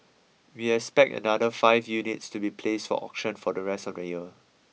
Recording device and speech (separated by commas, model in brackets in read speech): mobile phone (iPhone 6), read sentence